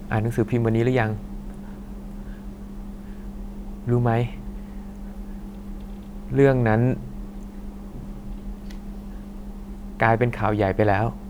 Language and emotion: Thai, sad